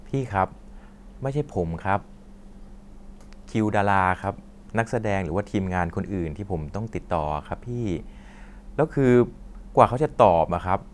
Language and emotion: Thai, frustrated